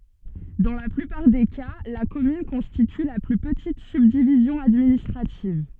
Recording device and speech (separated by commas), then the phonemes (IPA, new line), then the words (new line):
soft in-ear microphone, read sentence
dɑ̃ la plypaʁ de ka la kɔmyn kɔ̃stity la ply pətit sybdivizjɔ̃ administʁativ
Dans la plupart des cas, la commune constitue la plus petite subdivision administrative.